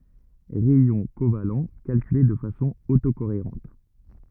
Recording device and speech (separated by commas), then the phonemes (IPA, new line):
rigid in-ear microphone, read sentence
ʁɛjɔ̃ koval kalkyle də fasɔ̃ oto koeʁɑ̃t